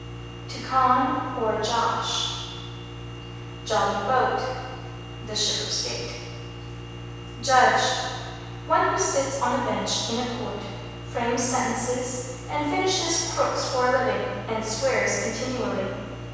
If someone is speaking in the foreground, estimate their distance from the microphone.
7.1 m.